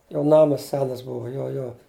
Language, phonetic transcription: Lithuanian, jo ˈnamas ˈsenas ˈbuvo jo ˈjo

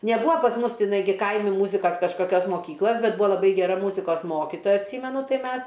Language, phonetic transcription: Lithuanian, neˈbūa pas ˈmus tiˈnai ˈgi ˈkaimi ˈmūzikas kažkaˈkios moˈkyklas ˈbet ˈbūa laˈbai geˈra ˈmūzikos ˈmokitoja atˈsymenu ˈtai ˈmes

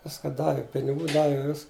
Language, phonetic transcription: Lithuanian, ˈviska ˈdavi piniˈgų ˈdavi vis

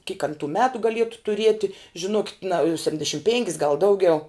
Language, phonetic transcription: Lithuanian, kyk an tų ˈmetu gaˈlietu tuˈrieti žiˈnokit na septindeˈšim ˈpėnkis gal ˈdaugiau

